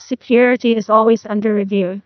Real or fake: fake